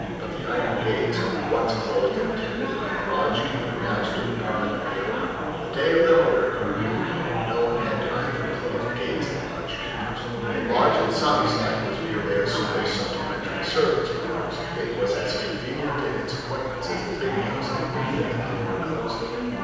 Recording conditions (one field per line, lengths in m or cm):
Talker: one person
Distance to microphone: 7.1 m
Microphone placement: far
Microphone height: 1.7 m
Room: very reverberant, large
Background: babble